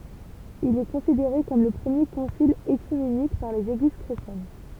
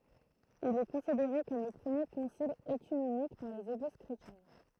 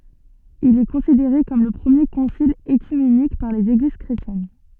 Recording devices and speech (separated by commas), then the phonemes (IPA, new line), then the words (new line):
temple vibration pickup, throat microphone, soft in-ear microphone, read sentence
il ɛ kɔ̃sideʁe kɔm lə pʁəmje kɔ̃sil økymenik paʁ lez eɡliz kʁetjɛn
Il est considéré comme le premier concile œcuménique par les Églises chrétiennes.